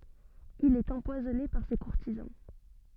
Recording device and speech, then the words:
soft in-ear microphone, read sentence
Il est empoisonné par ses courtisans.

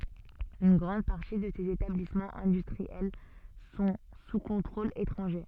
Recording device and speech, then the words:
soft in-ear microphone, read sentence
Une grande partie de ces établissements industriels sont sous contrôle étranger.

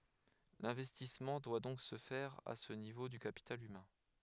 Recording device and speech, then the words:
headset microphone, read sentence
L'investissement doit donc se faire à ce niveau du capital humain.

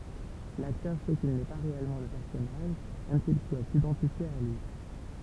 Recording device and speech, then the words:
temple vibration pickup, read sentence
L'acteur sait qu'il n'est pas réellement le personnage, même s'il doit s'identifier à lui.

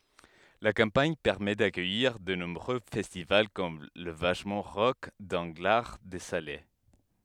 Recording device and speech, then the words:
headset microphone, read sentence
La campagne permet d'accueillir de nombreux festivals comme la Vachement Rock d'Anglards-de-Salers.

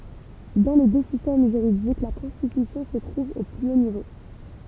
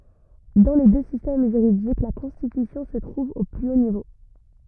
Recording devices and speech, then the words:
temple vibration pickup, rigid in-ear microphone, read sentence
Dans les deux systèmes juridiques, la Constitution se trouve au plus haut niveau.

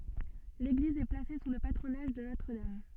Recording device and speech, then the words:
soft in-ear microphone, read sentence
L'église est placée sous le patronage de Notre-Dame.

